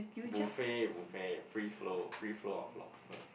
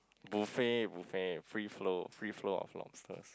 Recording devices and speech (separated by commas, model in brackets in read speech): boundary microphone, close-talking microphone, conversation in the same room